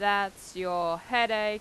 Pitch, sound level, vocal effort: 200 Hz, 94 dB SPL, normal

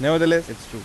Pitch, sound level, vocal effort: 145 Hz, 93 dB SPL, normal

